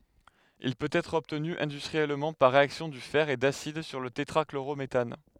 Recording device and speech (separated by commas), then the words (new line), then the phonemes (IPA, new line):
headset microphone, read sentence
Il peut être obtenu industriellement par réaction du fer et d'acide sur le tétrachlorométhane.
il pøt ɛtʁ ɔbtny ɛ̃dystʁiɛlmɑ̃ paʁ ʁeaksjɔ̃ dy fɛʁ e dasid syʁ lə tetʁakloʁometan